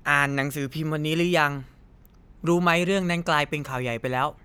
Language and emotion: Thai, neutral